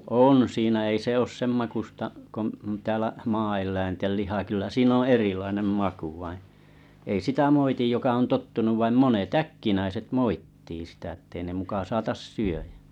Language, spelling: Finnish, on siinä ei se ole sen makuista kuin täällä maaeläinten liha kyllä siinä on erilainen maku vain ei sitä moiti joka on tottunut vaan monet äkkinäiset moittii sitä että ei ne muka saata syödä
- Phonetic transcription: on 'siinä ei se 'oos' semmakusta’ , ko’ , täälä 'maa₍el̀läintel 'liha kyllä 'siin ‿o "erilainem "maku vaiḭ , ei 'sitä 'moitij joka on 'tottunuv vaim 'monet "äkkinäiset "moit̀tii sitä ĕttei ne 'muka 'saatas 'syöjᴀ̈ .

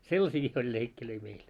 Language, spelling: Finnish, sellaisiakin oli leikkejä meillä
- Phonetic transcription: sellasiiki oĺ 'leikkilöi meil .

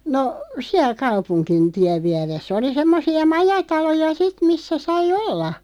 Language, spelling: Finnish, no siellä kaupungin tien vieressä oli semmoisia majataloja sitten missä sai olla
- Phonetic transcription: no , 'siäl 'kaupuŋkin 'tiäv 'viäres"s ‿oli 'semmosi₍a "majataloja "sit 'missä 'sai "olla .

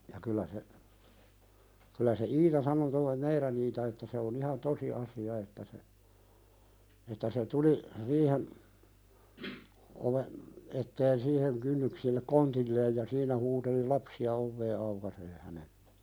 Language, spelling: Finnish, ja kyllä se kyllä se Iita sanoi tuo meidän Iita että se on ihan tosi asia että se että se tuli riihen oven eteen siihen kynnyksille kontilleen ja siinä huuteli lapsia ovea aukaisemaan hänelle
- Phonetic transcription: ja kylä se , kylä se "Iita sano (toi) "meiðän Iita että se on ‿ihan 'tosi asi₍a että se , että se 'tuli , 'riihen , oven , etteen 'siiheŋ kynnyksillek "kontilleej ja 'siinä huuteli "lapsi₍a 'ovvee aukasee hänelʟᴇ .

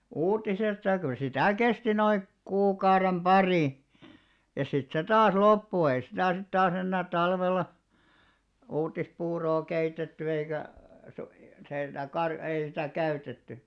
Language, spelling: Finnish, uutisesta ja kyllä sitä kesti noin kuukauden pari ja sitten se taas loppui ei sitä sitten taas enää talvella uutispuuroa keitetty eikä - se ei sitä - ei sitä käytetty
- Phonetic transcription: 'uutisesta ʲᵃ kyl 'sitä̀ kesti noik 'kuukaurem "ʙarì , ja sit se 'taas 'loppu ei sitä̀ sit 'taas ‿ennää 'talvella , 'uuttispuuroo 'keitetty eikä , su- se ei sitä 'kar- ei sitä̀ 'käytetty .

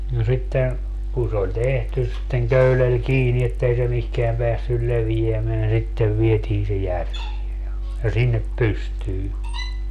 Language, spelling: Finnish, ja sitten kun se oli tehty sitten köydellä kiinni että ei se mihinkään päässyt leviämään sitten vietiin se järveen ja ja sinne pystyyn
- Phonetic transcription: ja 'sitten , kun se oĺ 'tehtys sitteŋ 'köylel 'kiini ettei se 'mihkeäm peässyl 'levijämeän - sittev 'vietiin se "järvie ja , ja 'sinnep "pystyy .

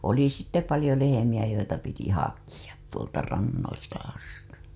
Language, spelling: Finnish, oli sitten paljon lehmiä joita piti hakea tuolta rannoilta asti
- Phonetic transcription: oli sitte 'palĭjo lehemiʲä joita piti "hakiʲa , 'tuolta 'rannoilta asti .

